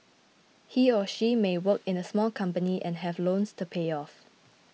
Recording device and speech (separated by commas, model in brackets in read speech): mobile phone (iPhone 6), read sentence